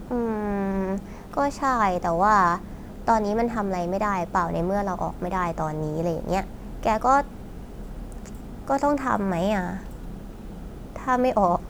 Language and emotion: Thai, neutral